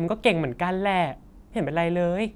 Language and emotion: Thai, neutral